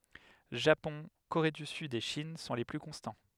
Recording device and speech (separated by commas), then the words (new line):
headset microphone, read sentence
Japon, Corée du Sud et Chine sont les plus constants.